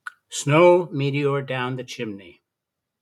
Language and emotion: English, disgusted